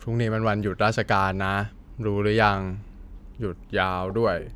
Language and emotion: Thai, frustrated